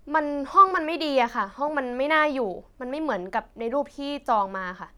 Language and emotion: Thai, frustrated